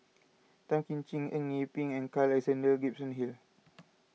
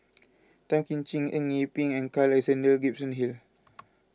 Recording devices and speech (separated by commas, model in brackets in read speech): mobile phone (iPhone 6), close-talking microphone (WH20), read sentence